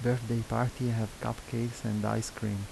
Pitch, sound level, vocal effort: 115 Hz, 77 dB SPL, soft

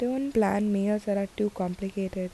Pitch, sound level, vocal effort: 200 Hz, 78 dB SPL, soft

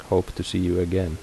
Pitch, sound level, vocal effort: 90 Hz, 77 dB SPL, soft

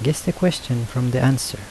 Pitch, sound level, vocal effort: 130 Hz, 76 dB SPL, soft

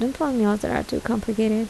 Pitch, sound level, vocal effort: 225 Hz, 75 dB SPL, soft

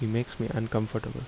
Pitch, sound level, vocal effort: 115 Hz, 74 dB SPL, soft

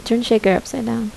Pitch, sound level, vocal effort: 230 Hz, 75 dB SPL, soft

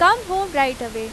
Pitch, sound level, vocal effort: 275 Hz, 92 dB SPL, very loud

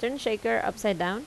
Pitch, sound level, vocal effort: 225 Hz, 84 dB SPL, normal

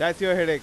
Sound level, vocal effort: 101 dB SPL, loud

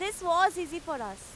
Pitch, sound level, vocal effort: 340 Hz, 97 dB SPL, very loud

